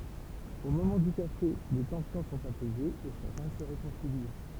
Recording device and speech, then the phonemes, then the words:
temple vibration pickup, read sentence
o momɑ̃ dy kafe le tɑ̃sjɔ̃ sɔ̃t apɛzez e ʃakœ̃ sə ʁekɔ̃sili
Au moment du café, les tensions sont apaisées et chacun se réconcilie.

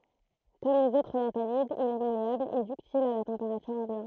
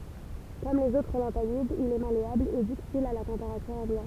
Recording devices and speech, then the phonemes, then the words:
throat microphone, temple vibration pickup, read sentence
kɔm lez otʁ lɑ̃tanidz il ɛ maleabl e dyktil a la tɑ̃peʁatyʁ ɑ̃bjɑ̃t
Comme les autres lanthanides, il est malléable et ductile à la température ambiante.

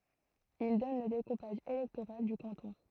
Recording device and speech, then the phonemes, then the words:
throat microphone, read sentence
il dɔn lə dekupaʒ elɛktoʁal dy kɑ̃tɔ̃
Ils donnent le découpage électoral du canton.

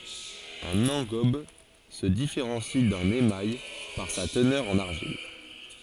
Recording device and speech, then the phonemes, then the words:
forehead accelerometer, read sentence
œ̃n ɑ̃ɡɔb sə difeʁɑ̃si dœ̃n emaj paʁ sa tənœʁ ɑ̃n aʁʒil
Un engobe se différencie d'un émail par sa teneur en argile.

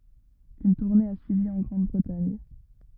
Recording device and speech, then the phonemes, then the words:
rigid in-ear microphone, read sentence
yn tuʁne a syivi ɑ̃ ɡʁɑ̃dbʁətaɲ
Une tournée a suivi en Grande-Bretagne.

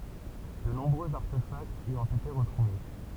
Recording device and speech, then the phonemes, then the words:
temple vibration pickup, read sentence
də nɔ̃bʁøz aʁtefaktz i ɔ̃t ete ʁətʁuve
De nombreux artefacts y ont été retrouvés.

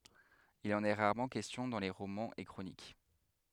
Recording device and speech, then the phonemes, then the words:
headset microphone, read sentence
il ɑ̃n ɛ ʁaʁmɑ̃ kɛstjɔ̃ dɑ̃ le ʁomɑ̃z e kʁonik
Il en est rarement question dans les romans et chroniques.

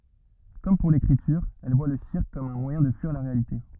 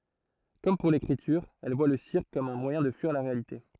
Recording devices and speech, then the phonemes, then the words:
rigid in-ear microphone, throat microphone, read sentence
kɔm puʁ lekʁityʁ ɛl vwa lə siʁk kɔm œ̃ mwajɛ̃ də fyiʁ la ʁealite
Comme pour l'écriture, elle voit le cirque comme un moyen de fuir la réalité.

